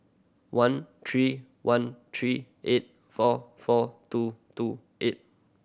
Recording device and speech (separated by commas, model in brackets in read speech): boundary microphone (BM630), read sentence